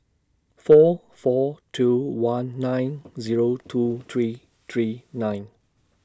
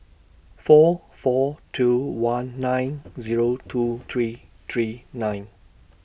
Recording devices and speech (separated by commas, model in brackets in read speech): standing microphone (AKG C214), boundary microphone (BM630), read sentence